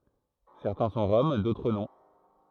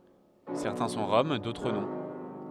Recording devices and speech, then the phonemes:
throat microphone, headset microphone, read sentence
sɛʁtɛ̃ sɔ̃ ʁɔm dotʁ nɔ̃

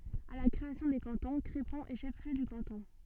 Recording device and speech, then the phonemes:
soft in-ear microphone, read sentence
a la kʁeasjɔ̃ de kɑ̃tɔ̃ kʁepɔ̃ ɛ ʃɛf ljø də kɑ̃tɔ̃

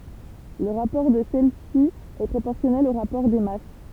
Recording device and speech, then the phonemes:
temple vibration pickup, read sentence
lə ʁapɔʁ də sɛlɛsi ɛ pʁopɔʁsjɔnɛl o ʁapɔʁ de mas

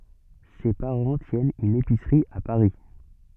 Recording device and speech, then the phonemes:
soft in-ear microphone, read sentence
se paʁɑ̃ tjɛnt yn episʁi a paʁi

